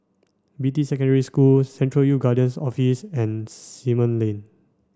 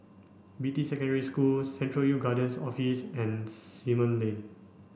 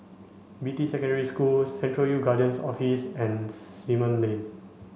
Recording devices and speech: standing microphone (AKG C214), boundary microphone (BM630), mobile phone (Samsung C5), read sentence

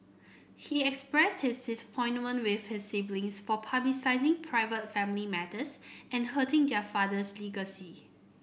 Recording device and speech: boundary microphone (BM630), read sentence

